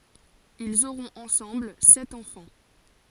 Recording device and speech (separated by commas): forehead accelerometer, read sentence